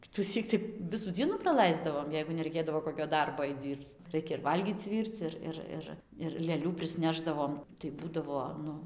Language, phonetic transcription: Lithuanian, kituˈsyk tai ˈvisų ˈdzienų praˈlaisdavom jeigu neraiˈkėdavo ˌkokio ˈdarbo ait ˈdzyrbc ˈraikia ir ˈvalgyc ˈvyrc ˈir ˈir ˈir ir lėˈlių prisˈnešdavom tai ˈbūdavo ˈnu

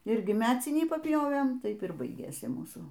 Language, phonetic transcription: Lithuanian, ˈirgi ˈmecinį papˈjovėm ˈtaip ir ˈbaigėsi ˈmūsų

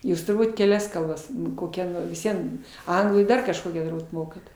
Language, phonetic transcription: Lithuanian, ˈjūs turˈbūt keˈlias kalˈbas koˈkia vis ˈvien ˈanglų ir ˈdar kažˈkokią turˈbūt ˈmokat

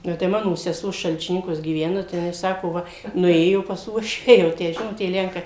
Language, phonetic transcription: Lithuanian, ˈnu tai ˈmano seˈsuo šalčiˈninkuos gyˈvena tai jiˈnai ˈsako ˈva nuˈėjo pas ˈuošvę jau ˈtę ˈžinot tie ˈlenkai

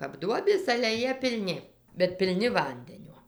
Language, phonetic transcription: Lithuanian, kap ˈduobės ale ˈjie pilˈni bet pilˈni ˈvandenio

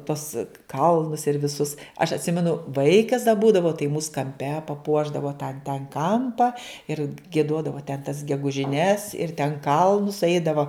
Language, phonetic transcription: Lithuanian, tuos ˈkalnus ir viˈsus aš atˈsimenu ˈvaikas da ˈbūdavau tai mūs kamˈpe paˈpuošdavo tą ten ˈkampa ir gieˈduodavo ten tas gegužiˈnes ir ten ˈkalnus ˈeidavo

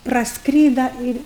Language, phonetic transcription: Lithuanian, prasˈkryda ir'

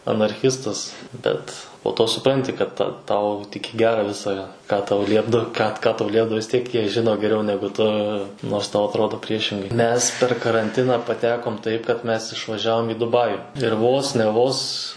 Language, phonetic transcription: Lithuanian, anarˈchistas ˈbet po to suˈpranti kad ta ˈtau tik i ˈgera ˈvisa ką tau ˈliepdav ką ka ˈtau ˈliepdavo vis ˈtiek ˈjie žiˈno geˈriau ˈnegu tu nors ˈtau atˈrodo ˈpriešingai ˈmes per karanˈtiną paˈtekom ˈtaip kad ˈmes išvaˈžiavom į duˈbaju ir ˈvos ne ˈvos

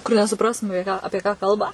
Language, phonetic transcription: Lithuanian, kur nesuˈprastum aˈpie ˈapie ką ˈkalba

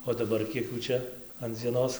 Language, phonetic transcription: Lithuanian, o daˈbar ˈkiek ˈjų ˈčia an dzieˈnos

